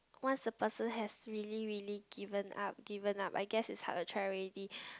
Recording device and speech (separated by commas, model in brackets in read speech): close-talking microphone, conversation in the same room